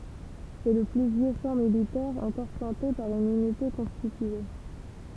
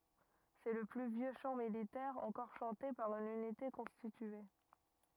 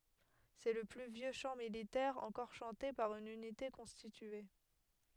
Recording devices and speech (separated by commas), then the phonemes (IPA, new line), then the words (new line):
temple vibration pickup, rigid in-ear microphone, headset microphone, read sentence
sɛ lə ply vjø ʃɑ̃ militɛʁ ɑ̃kɔʁ ʃɑ̃te paʁ yn ynite kɔ̃stitye
C'est le plus vieux chant militaire encore chanté par une unité constitué.